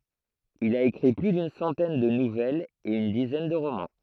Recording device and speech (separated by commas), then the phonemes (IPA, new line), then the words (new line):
throat microphone, read sentence
il a ekʁi ply dyn sɑ̃tɛn də nuvɛlz e yn dizɛn də ʁomɑ̃
Il a écrit plus d'une centaine de nouvelles et une dizaine de romans.